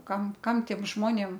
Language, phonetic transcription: Lithuanian, ˈkam ˈkam ˈtiem ˈžmonėm

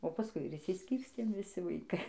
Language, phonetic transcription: Lithuanian, o paˈskui ir išsisˈkyrstėm viˈsi vaiˈkai

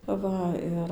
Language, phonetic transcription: Lithuanian, ˈva ir

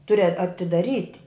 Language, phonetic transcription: Lithuanian, ˈturi a atidaˈryti

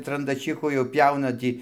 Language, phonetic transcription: Lithuanian, trandaˈčychu jau ˈpjauna ˈtį

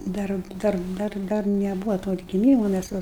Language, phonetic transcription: Lithuanian, ˈdar ˈdar ˈdar ˈdar neˈbūvo to atgiˈmymo mæs ˈva

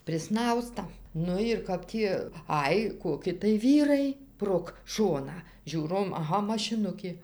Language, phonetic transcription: Lithuanian, priˈsnausta ˈnu ir ˈkap tį ˈaj koˈki tai ˈvyrai prog ˈšoną ˈžiūrom aˈha mašiˈnukė

